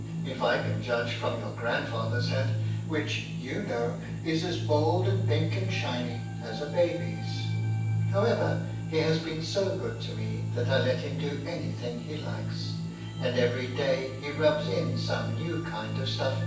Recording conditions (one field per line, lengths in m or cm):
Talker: one person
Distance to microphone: 9.8 m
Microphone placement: far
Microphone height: 1.8 m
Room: large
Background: music